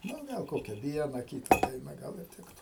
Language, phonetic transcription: Lithuanian, ˈnu ˈgal ˈkokia ˈviena ˈkyta ˈdaina ˈgal ir ˈtiktu

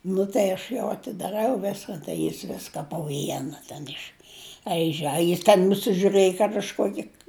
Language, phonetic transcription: Lithuanian, ˈnu tai aš ˈjau atidaˈrau ˈviskan tai ˈjis ˈviska po ˈviena ten išˈaiže a jis ten nusižiuˈrɘji kad aš ˈkuoki

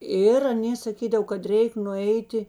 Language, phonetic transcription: Lithuanian, ˈir aˈnė saˈkydav kad ˈreik nuˈeiti

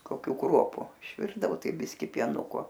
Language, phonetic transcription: Lithuanian, koˈkių ˈkruopu išˈvirdavo ˈtai ˈbiski pieˈnuko

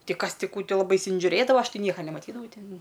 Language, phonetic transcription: Lithuanian, ˈti ˈkas ˈti ˈkų ˈtai laˈbai insižiuˈrėdava ˈaš ˈti ˈnieka nemaˈtydavau ˈtin

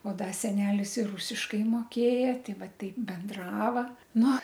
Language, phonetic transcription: Lithuanian, o ˈda ˈsenelis ir ˈrusiškai moˈkėja ˈtei ˈva ˈtaip benˈdrava ˈnu

